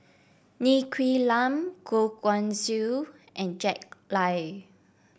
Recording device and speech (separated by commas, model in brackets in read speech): boundary microphone (BM630), read sentence